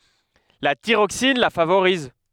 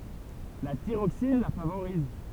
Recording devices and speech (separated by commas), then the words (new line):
headset microphone, temple vibration pickup, read sentence
La thyroxine la favorise.